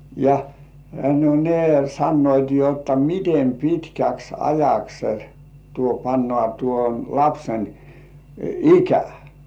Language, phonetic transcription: Finnish, ja , no 'ne sannoit jotta "mitem 'pitkäks ajaks , tuo pannŏà tuon 'lapsen , "ikä .
- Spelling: ja no ne sanoivat jotta miten pitkäksi ajaksi tuo pannaan tuon lapsen ikä

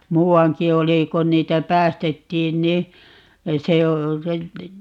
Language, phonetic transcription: Finnish, "muu₍aŋki 'oli 'kon niitä "päästettiin ni , 'se o ,.
- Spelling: muuankin oli kun niitä päästettiin niin se on

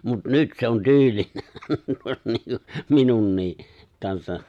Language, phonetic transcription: Finnish, mut 'nyt se on 'tyylinä 'minunnii , kansa , .
- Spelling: mutta nyt se on tyylinä minunkin kanssa

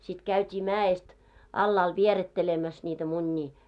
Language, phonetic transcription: Finnish, sit käyt́ii 'mää₍est , 'allaal 'vierettelemäs ńiitä 'muńńii .
- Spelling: sitten käytiin mäestä alhaalle vierittelemässä niitä munia

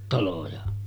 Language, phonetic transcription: Finnish, 'taloja .
- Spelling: taloja

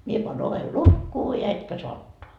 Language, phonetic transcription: Finnish, » mie paan 'ovel "lukkuu ja etkä soa 'ottoa . »
- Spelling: minä panen oven lukkoon ja etkä saa ottaa

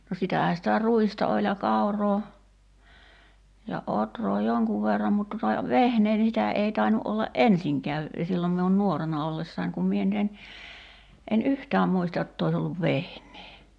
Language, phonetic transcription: Finnish, no 'sitähä sitä "ruista oĺ ja 'kauroo , ja 'otroo "joŋkuv verram mut tuta , "vehnee ni 'sitä 'ei 'tainu ’olla "’ensiŋkää , 'sillom miun "nuorena 'ollessain̳§ kum mie (nyt) en , en "yhtääm 'muista jott ‿ois olluv 'vehǹee .
- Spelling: no sitähän sitä ruista oli ja kauraa ja ohraa jonkun verran mutta tuota vehnää niin sitä ei tainnut olla ensinkään silloin minun nuorena ollessani kun minä nyt en en yhtään muista jotta olisi ollut vehnää

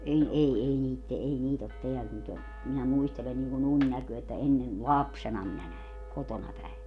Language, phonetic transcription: Finnish, 'en 'ei 'ei niit te- , ei "niit ‿ot "teäl nyt ‿o , minä 'muistelen niŋku'n ‿uńnäköö että 'ennen , "lapsena minä 'näe , 'kotona päe .
- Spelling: en ei ei niitä - ei niitä ole täällä nyt ole minä muistelen niin kuin unennäköä että ennen lapsena minä näin kotona päin

